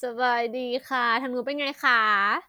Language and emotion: Thai, happy